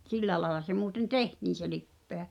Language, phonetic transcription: Finnish, 't ‿silläᵉ laᵉla se muuten "tehtiin̬ se lippeä .
- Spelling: että sillä lailla se muuten tehtiin se lipeä

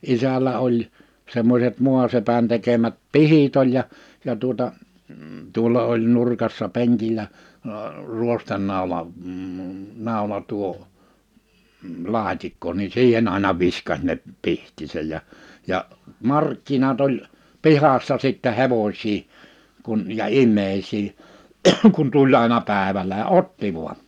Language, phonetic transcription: Finnish, 'isällä oĺ , 'semmośet 'mu̬asepän tekemät "pihit ‿oĺ ja , ja tuota , 'tuolla oĺ 'nurkassa 'peŋkil̆lä , əə 'ruostennàula- , m̥ 'nàula- tuo , -'laat́ikko ni 'siihen ‿àina 'viska(s) ne , 'pihtisɛj ja , ja , 'markkinat ‿oĺ , 'pihassa sittä 'hevoś̀ii , kun ja "im̆mèisii , kun 'tuĺ àena 'pä̀evälä (ja) "otti vu̬a .
- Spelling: isällä oli semmoiset maasepän tekemät pihdit oli ja ja tuota tuolla oli nurkassa penkillä - ruostenaula - naula tuo laatikko niin siihen aina viskasi ne pihdit ja ja markkinat oli pihassa sitten hevosia kun ja ihmisiä kun tuli aina päivällä ja otti vain

